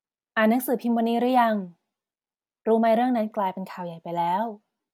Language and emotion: Thai, neutral